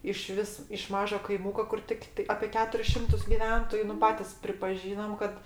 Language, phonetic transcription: Lithuanian, iˈšvis iš ˈmažo kaiˈmuko kur ˈtiktai apė ˈketuris ˈšimtus giˈventoju nu ˈpatis pripaˈžynam kad

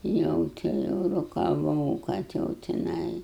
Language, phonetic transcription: Lithuanian, ˈjau ti ˈjau rokaˈvau kad ˈjau tiˈnai

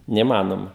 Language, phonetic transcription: Lithuanian, neįˈmanoma

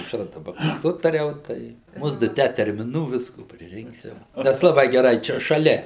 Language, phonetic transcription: Lithuanian, su aušˈra daˈba ˈsutariau ˈtai ˈmudu ˈtę termiˈnų ˈvisko priˈrinksiva ˈnes laˈbai geˈrai ˈčia šaˈlia

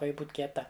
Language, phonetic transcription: Lithuanian, ˈka ˈji ˈbūt kieˈta

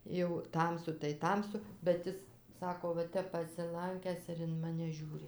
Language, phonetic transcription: Lithuanian, jau ˈtamsu tai ˈtamsu bet ˈis ˈsako va ˈtep pasiˈlankęs ir in ˈmane ˈžiūri

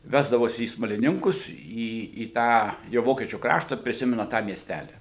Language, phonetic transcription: Lithuanian, ˈvesdavosi į smaliˈninkus į į ˈtą jau ˈvokiečių ˈkrašta priˈsimena tą mieˈstæli

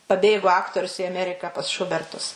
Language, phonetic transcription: Lithuanian, paˈbėgo ˈaktorius i aˈmeriką pas ˈšubertus

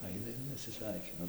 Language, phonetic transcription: Lithuanian, ˈaina ir nesiˈsveikina

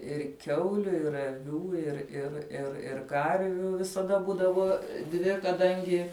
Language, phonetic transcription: Lithuanian, ir ˈkiauliu ir aˈvių ir ir ir ir ˈkarvių visaˈda ˈbūdavo ˈdvi kaˈdangi

